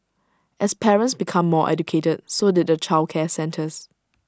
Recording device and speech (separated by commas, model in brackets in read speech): standing microphone (AKG C214), read sentence